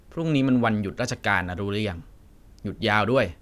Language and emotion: Thai, frustrated